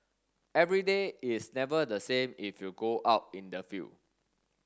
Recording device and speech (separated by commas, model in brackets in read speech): standing microphone (AKG C214), read sentence